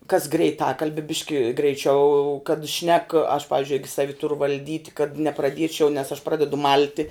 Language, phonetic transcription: Lithuanian, kas greiˈtakalbe ˈbiški greiˈčiau kad šnek aš ˈpavizdžiui ˈigi ˈsavi ˈturu valˈdyt' kad nepraˈdiečiau nes aš ˈpradedu ˈmalti

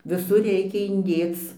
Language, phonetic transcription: Lithuanian, viˈsur ˈreikia inˈdėc

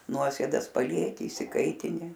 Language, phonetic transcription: Lithuanian, ˈnuosėdas paˈlieki išsiˈkaitini

